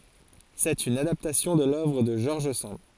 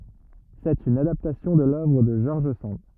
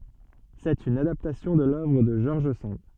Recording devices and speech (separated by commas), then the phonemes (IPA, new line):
forehead accelerometer, rigid in-ear microphone, soft in-ear microphone, read sentence
sɛt yn adaptasjɔ̃ də lœvʁ də ʒɔʁʒ sɑ̃d